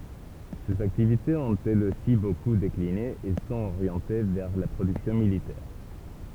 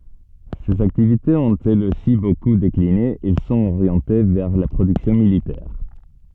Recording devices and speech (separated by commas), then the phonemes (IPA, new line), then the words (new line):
temple vibration pickup, soft in-ear microphone, read sentence
sez aktivitez ɔ̃t ɛlz osi boku dekline ɛl sɔ̃t oʁjɑ̃te vɛʁ la pʁodyksjɔ̃ militɛʁ
Ses activités ont elles aussi beaucoup décliné, elles sont orientées vers la production militaire.